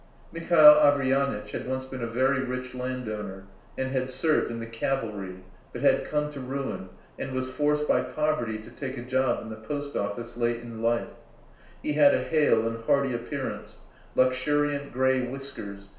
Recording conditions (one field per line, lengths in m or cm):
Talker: one person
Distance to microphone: 1.0 m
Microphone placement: close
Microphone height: 1.1 m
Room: small (3.7 m by 2.7 m)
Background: none